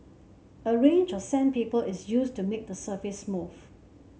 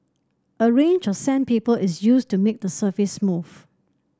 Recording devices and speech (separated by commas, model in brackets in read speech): mobile phone (Samsung C7), standing microphone (AKG C214), read sentence